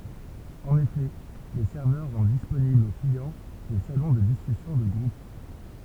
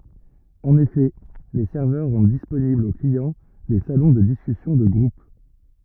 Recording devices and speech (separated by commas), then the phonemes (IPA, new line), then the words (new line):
temple vibration pickup, rigid in-ear microphone, read sentence
ɑ̃n efɛ le sɛʁvœʁ ʁɑ̃d disponiblz o kliɑ̃ de salɔ̃ də diskysjɔ̃ də ɡʁup
En effet, les serveurs rendent disponibles aux clients des salons de discussions de groupe.